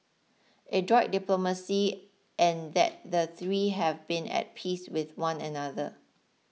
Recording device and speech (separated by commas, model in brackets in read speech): mobile phone (iPhone 6), read sentence